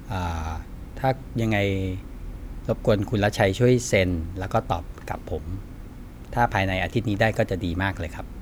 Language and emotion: Thai, neutral